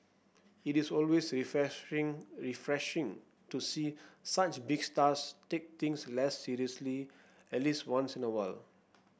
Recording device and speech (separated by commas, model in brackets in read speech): boundary microphone (BM630), read sentence